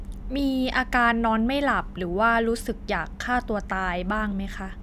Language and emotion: Thai, neutral